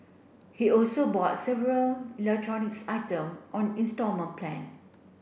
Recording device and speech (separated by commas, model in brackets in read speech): boundary microphone (BM630), read sentence